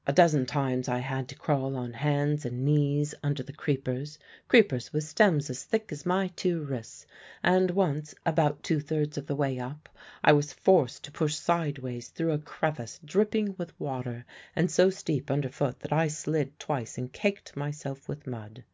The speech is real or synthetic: real